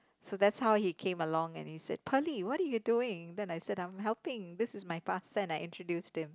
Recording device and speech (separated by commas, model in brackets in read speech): close-talking microphone, conversation in the same room